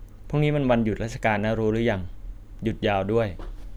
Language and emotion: Thai, neutral